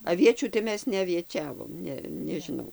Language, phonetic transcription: Lithuanian, aˈviečių tai ˈmes neavieˈčiavom ˈne nežiˈnau

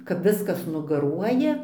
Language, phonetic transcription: Lithuanian, kap ˈviskas nugaˈruoja

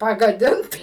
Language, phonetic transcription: Lithuanian, pagaˈdint

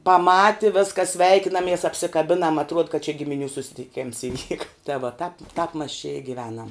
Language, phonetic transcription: Lithuanian, paˈmati ˈvėskas ˈsveikinamies apsikaˈbinam atˈruod kad čia gimiˈnių susitiˈkėms iˈvyka ta vo ˈtap ˈtap mas čia i giˈvenam

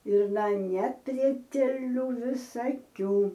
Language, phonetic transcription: Lithuanian, ir na neprieteˈlių visaˈkių

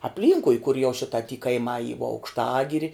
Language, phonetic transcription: Lithuanian, apˈlynkui kur jau ˈšita ty kaiˈmā y vo aukšˈtagiri

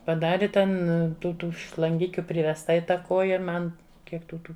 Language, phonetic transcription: Lithuanian, paˈdari ˈten tų ˈtų šlanˈgikiu privesˈta i ˈtą ˈkoja ˈman ˈkiek tų ˈtų

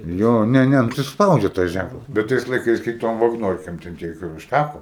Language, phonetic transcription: Lithuanian, ˈjo ˈne ˈne ˈnu tai ˈspaudžia tas ˈžænklas bet ˈtais laiˈkais kai ˈtom vagˈnorkėm ten ˈtiek ir užˈtæko

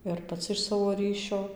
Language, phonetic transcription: Lithuanian, ir paˈci iš ˈsavo ˈryšio

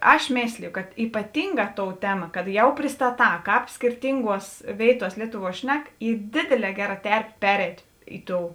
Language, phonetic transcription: Lithuanian, ˈaš ˈmėslijo kad ypaˈtinˌgā ˈtou ˈtema kad ˈjau pristaˈtā ˈkāp skirˈtinˌguos ˈvėituos ˈlietuˌvuo ˈšnek ˈy ˈdėdėˌlē ˈgeˌra ˈterpė ˈpereit' ˈi ˌtou

